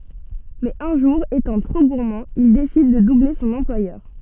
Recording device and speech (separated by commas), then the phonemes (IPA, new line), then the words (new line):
soft in-ear microphone, read sentence
mɛz œ̃ ʒuʁ etɑ̃ tʁo ɡuʁmɑ̃ il desid də duble sɔ̃n ɑ̃plwajœʁ
Mais un jour, étant trop gourmand, il décide de doubler son employeur.